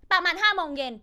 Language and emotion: Thai, angry